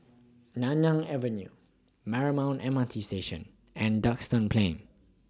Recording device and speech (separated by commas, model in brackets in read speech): standing microphone (AKG C214), read sentence